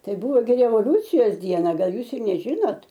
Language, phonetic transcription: Lithuanian, ˈtai ˈbūvo gi revoˈliūcijos ˈdiena ˈgal ˈjūs ir neˈžinot

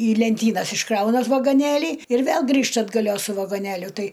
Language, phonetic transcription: Lithuanian, į lenˈtynas išˈkrauna vagoˈnėlį ir ˈvėl ˈgrįžta atgaˈlios su vagoˈnėliu ˈtai

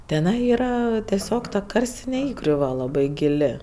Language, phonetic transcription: Lithuanian, teˈnai ˈyra teˈsiog ta ˈkarstine ˈįgriuva laˈbai giˈli

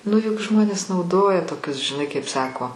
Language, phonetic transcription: Lithuanian, nu juk ˈžmonės nauˈdoja toˈkius žiˈnai kaip ˈsako

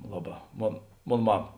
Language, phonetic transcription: Lithuanian, ˈlaˌbā ˈmon ˈmon ˈmama

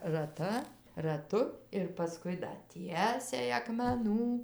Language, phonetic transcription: Lithuanian, raˈta raˈtu ir paˈskui da ˈtiesiai akmeˈnų

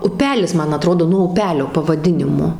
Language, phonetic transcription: Lithuanian, uˈpelis ˈman aˈtrodo nuo uˈpelio pavaˈdinimo

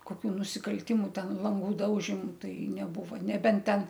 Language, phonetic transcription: Lithuanian, koˈkių nusikalˈtimu ˈten ˈlangu ˈdaužimu ˈtai neˈbuva neˈbent ˈten

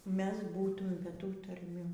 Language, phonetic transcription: Lithuanian, ˈmes ˈbūtum be ˈtų tarˈmių

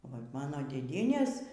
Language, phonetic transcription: Lithuanian, vat ˈmano dėˈdienės

